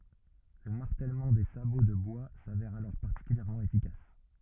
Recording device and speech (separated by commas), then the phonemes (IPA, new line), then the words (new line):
rigid in-ear microphone, read sentence
lə maʁtɛlmɑ̃ de sabo də bwa savɛʁ alɔʁ paʁtikyljɛʁmɑ̃ efikas
Le martèlement des sabots de bois s'avère alors particulièrement efficace.